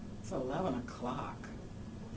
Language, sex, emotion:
English
female
disgusted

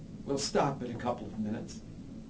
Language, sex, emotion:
English
male
neutral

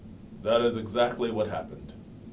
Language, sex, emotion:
English
male
neutral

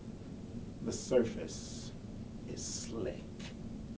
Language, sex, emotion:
English
male
disgusted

